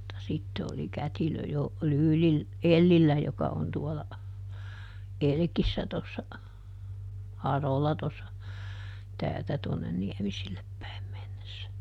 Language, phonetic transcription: Finnish, mutta ˈsitte oli "kätilö ˈjo , ˈLyylil- , "Ellillä joka on ˈtuɔla , "Elkissä tossa , ˈHarola tossa , ˈtäältä tuonnen ˈNiɛmisillep päim mennessä .
- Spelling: mutta sitten oli kätilö jo - Ellillä joka on tuolla Elkissä tuossa Harola tuossa täältä tuonne Niemiselle päin mennessä

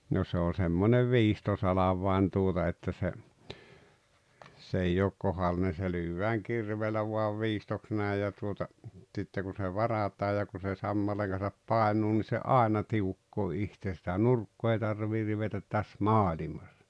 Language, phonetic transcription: Finnish, no se ‿o semmonev "viistosalavvai̬n tuota että se , s ‿ei ook 'kohalline se 'lyyvvääŋ "kirveelä vuav "viistoks 'nä̀i̬j ja tuota , ᵗsitte ku se 'varat̀aa ja ku se 'sammaleeŋ Gan̬sap "paenuu ni se "’àena "tiukkoo 'ihtee sⁱtä "nurkkoo ei 'tarviir̆ 'rivetät 'täs "maaĺimas .
- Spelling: no se on semmoinen viistosalvain tuota että se se ei ole kohdallinen se lyödään kirveellä vain viistoksi näin ja tuota sitten kun se varataan ja kun se sammaleen kanssa painuu niin se aina tiukkaa itse sitä nurkkaa ei tarvitse rivetä tässä maailmassa

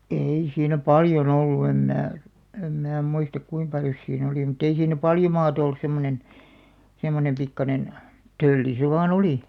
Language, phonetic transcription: Finnish, 'ei siinä "paljo'n ‿ollu em 'mää , em 'mää muistak 'kuim 'paljos sii'n ‿olì mut̆'t ‿ei siin̆nä 'paljo maat ‿ollus 'semmonen , 'semmonem pikkanen , "tölli se vaa'n ‿olì .
- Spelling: ei siinä paljon ollut en minä en minä muista kuinka paljon siinä oli mutta ei siinä paljon maata ollut semmoinen semmoinen pikkuinen tölli se vain oli

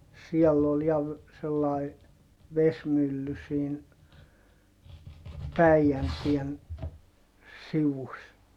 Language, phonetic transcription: Finnish, siɛll ‿ol ja ‿v- , sellài , vesmylly siin , Päijäntien , sivus .
- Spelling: siellä oli ja - sellainen vesimylly siinä Päijänteen sivussa

